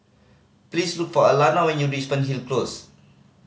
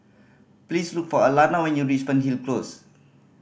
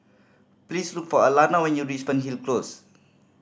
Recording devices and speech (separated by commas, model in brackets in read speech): mobile phone (Samsung C5010), boundary microphone (BM630), standing microphone (AKG C214), read sentence